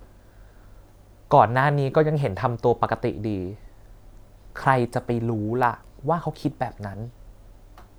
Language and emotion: Thai, neutral